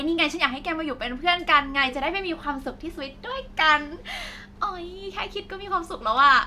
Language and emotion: Thai, happy